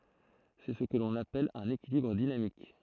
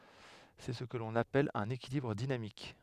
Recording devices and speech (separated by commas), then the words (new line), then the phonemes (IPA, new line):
throat microphone, headset microphone, read sentence
C'est ce que l'on appelle un équilibre dynamique.
sɛ sə kə lɔ̃n apɛl œ̃n ekilibʁ dinamik